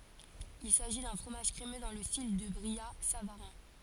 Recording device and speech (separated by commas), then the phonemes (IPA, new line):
forehead accelerometer, read sentence
il saʒi dœ̃ fʁomaʒ kʁemø dɑ̃ lə stil dy bʁijatsavaʁɛ̃